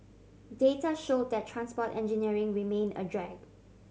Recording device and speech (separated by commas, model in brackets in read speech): mobile phone (Samsung C7100), read sentence